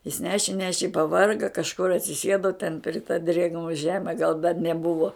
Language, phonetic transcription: Lithuanian, jis ˈneši ˈneši i paˈvarga kažˈkur atsiˈsėdo ten pri ta drėgˈno ˈžeme gal dar neˈbuvo

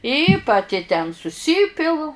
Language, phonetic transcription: Lithuanian, i paˈti ten suˈsypilu

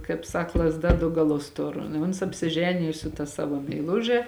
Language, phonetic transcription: Lithuanian, kaip ˈsak lazˈda du gaˈlus ˈtur i ˈuns apsiˈženiju su ta ˈsavo meiˈluže

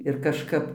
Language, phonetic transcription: Lithuanian, ir kažˈkap

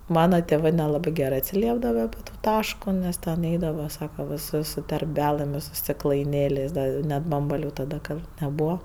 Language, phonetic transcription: Lithuanian, ˈmana teˈvɜ neˈlabɜ ˈgerɜ atsiˈliepdava api ˈto ˈtaško ˈnes ten ˈeidava ˈsaka viˈsus su terˈbælɘm i su stiklaiˈnėlės' ˈda i ˈnet ˈbambaliu taˈda ˈgal neˈbūva

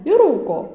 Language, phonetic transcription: Lithuanian, ir ˈrūko

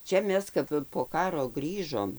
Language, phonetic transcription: Lithuanian, ˈčia ˈmes ˈkap po ˈkaro ˈgrįžom

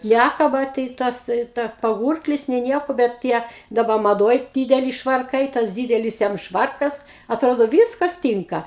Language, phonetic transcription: Lithuanian, ˈnækaba tai ˈtas ˈtai ta paˈgūrklis nė ˈnieko bet ˈtie daˈba maˈdoj ˈdydeli švarˈkai tas ˈdydelis jam ˈšvarkas atˈrodo ˈvyskas ˈtynka

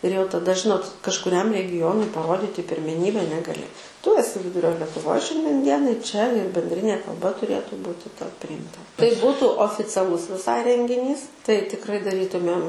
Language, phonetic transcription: Lithuanian, ir jau taˈda ˈžinot kažkuˈriam regiˈjonui paˈroditi pirmeˈnybe negaˈli tu eˈsi ˈvidurio letuˈvoj ˈšiandien ˈdienai čia ir bendˈrinė kalˈba tuˈrėtu ˈbūti tau prijimˈta tai ˈbūtu oficiaˈlus viˈsai rengiˈnys tai tikˈrai daˈrytumėm

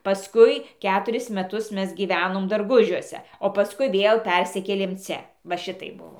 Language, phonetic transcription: Lithuanian, paˈskui ˈketuris meˈtus ˈmes gyˈvenom darˈgužiuose o paˈskui ˈvėl ˈpersikėlėm ˈcia va ˈšitaip ˈbuvo

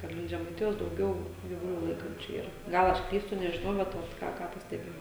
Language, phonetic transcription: Lithuanian, kad ˈlink žemaiˈtijos dauˈgiau gyvuˈlių ˈlaikančiu ˈyra ˈgal ˈaš ˈklystu nežiˈnau ˈbet ˈot ˈką ˈką pasteˈbėjau

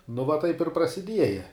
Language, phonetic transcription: Lithuanian, nu va ˈtaip ir prasiˈdieja

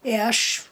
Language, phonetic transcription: Lithuanian, i ˈaš

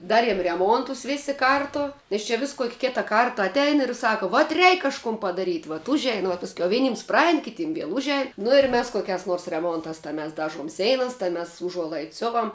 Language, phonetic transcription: Lithuanian, ˈdariem reˈmuontus ˈvėsi ˈkartu nes ˈčia vis kok' ˈkita ˈkarta atˈein ir ˈsako vat ˈreik kažˈkum padaˈryt' vat ˈužein vuo pasˈkiau ˈvenyms ˈpraein kiˈtym ˈviel ˈužein nu ir ˈmes koˈkiās nors reˈmontās tā mes ˈdažuom ˈseinas tai mes uˈžuolaids ˈsiovam

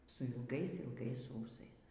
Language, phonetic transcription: Lithuanian, su ilˈgais ilˈgais ˈūsais

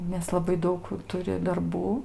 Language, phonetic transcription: Lithuanian, nes laˈbai ˈdaug ˈturi darˈbų

